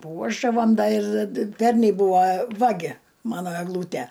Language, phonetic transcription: Lithuanian, ˈpuošdavam ˈda ir ˈpernei ˈbūva ˈvagi ˈmano egˈlūtæ

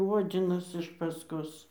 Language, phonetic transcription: Lithuanian, ˈodzinas iš pasˈkos

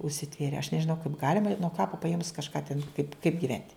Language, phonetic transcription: Lithuanian, užsiˈtvėrė aš nežiˈnau kaip ˈgalima i nuo ˈkapa paˈėmus kažˈką ten kaip kaip giˈvent'

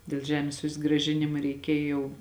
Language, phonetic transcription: Lithuanian, dėl ˈžemės susgraˈžinima reiˈkėj jau

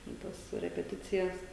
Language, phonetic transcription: Lithuanian, ten ˈtas repeˈticijas

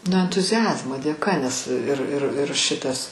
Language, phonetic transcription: Lithuanian, nu entuziˈazmo dėˈka nes ir ir ir ˈšitas

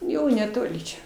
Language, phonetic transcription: Lithuanian, ˈjau neˈtoli čia

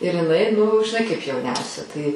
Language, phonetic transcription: Lithuanian, ir iˈnai nu žiˈnai kaip jauˈniausia tai

